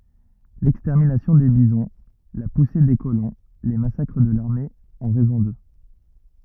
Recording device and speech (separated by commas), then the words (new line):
rigid in-ear microphone, read sentence
L'extermination des bisons, la poussée des colons, les massacres de l'armée ont raison d'eux.